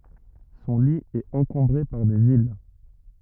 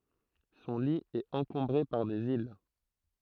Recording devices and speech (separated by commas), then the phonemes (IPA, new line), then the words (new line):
rigid in-ear microphone, throat microphone, read sentence
sɔ̃ li ɛt ɑ̃kɔ̃bʁe paʁ dez il
Son lit est encombré par des îles.